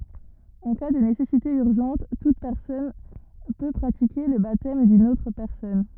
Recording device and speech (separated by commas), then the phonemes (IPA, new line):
rigid in-ear microphone, read sentence
ɑ̃ ka də nesɛsite yʁʒɑ̃t tut pɛʁsɔn pø pʁatike lə batɛm dyn otʁ pɛʁsɔn